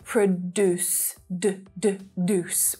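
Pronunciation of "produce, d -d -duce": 'Produce' is said in a way some Americans say it, with a d sound at the start of the second syllable, 'duce', not a j sound.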